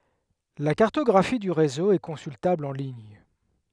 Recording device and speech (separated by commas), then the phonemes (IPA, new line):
headset microphone, read sentence
la kaʁtɔɡʁafi dy ʁezo ɛ kɔ̃syltabl ɑ̃ liɲ